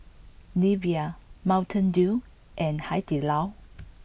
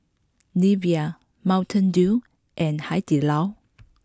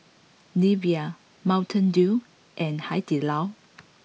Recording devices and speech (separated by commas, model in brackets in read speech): boundary microphone (BM630), close-talking microphone (WH20), mobile phone (iPhone 6), read sentence